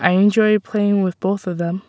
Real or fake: real